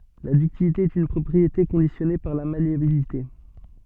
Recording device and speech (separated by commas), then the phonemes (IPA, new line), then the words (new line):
soft in-ear microphone, read sentence
la dyktilite ɛt yn pʁɔpʁiete kɔ̃disjɔne paʁ la maleabilite
La ductilité est une propriété conditionnée par la malléabilité.